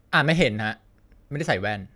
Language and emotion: Thai, frustrated